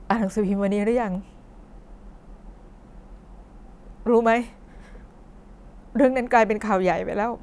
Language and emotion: Thai, sad